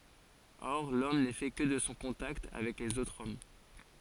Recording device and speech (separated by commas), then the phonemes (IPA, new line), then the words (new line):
forehead accelerometer, read sentence
ɔʁ lɔm nɛ fɛ kə də sɔ̃ kɔ̃takt avɛk lez otʁz ɔm
Or l'homme n'est fait que de son contact avec les autres hommes.